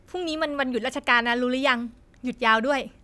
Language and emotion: Thai, neutral